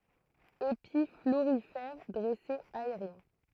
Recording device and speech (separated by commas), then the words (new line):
throat microphone, read sentence
Épis florifères dressés aériens.